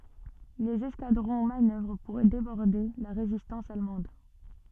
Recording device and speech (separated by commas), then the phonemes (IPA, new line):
soft in-ear microphone, read sentence
lez ɛskadʁɔ̃ manœvʁ puʁ debɔʁde la ʁezistɑ̃s almɑ̃d